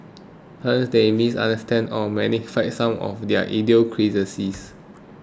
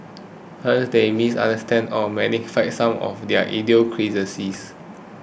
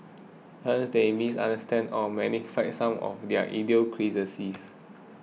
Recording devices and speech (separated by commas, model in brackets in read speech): close-talking microphone (WH20), boundary microphone (BM630), mobile phone (iPhone 6), read sentence